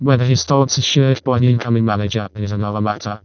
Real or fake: fake